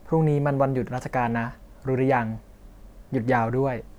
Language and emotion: Thai, neutral